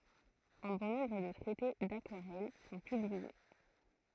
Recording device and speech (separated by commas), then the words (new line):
throat microphone, read sentence
Un bon nombre de traités d'aquarelle sont publiés.